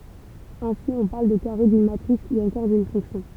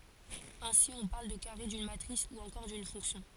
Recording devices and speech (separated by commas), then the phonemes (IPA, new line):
temple vibration pickup, forehead accelerometer, read sentence
ɛ̃si ɔ̃ paʁl də kaʁe dyn matʁis u ɑ̃kɔʁ dyn fɔ̃ksjɔ̃